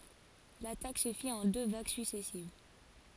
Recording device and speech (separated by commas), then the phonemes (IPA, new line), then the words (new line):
forehead accelerometer, read sentence
latak sə fit ɑ̃ dø vaɡ syksɛsiv
L'attaque se fit en deux vagues successives.